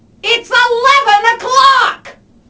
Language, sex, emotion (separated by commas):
English, female, angry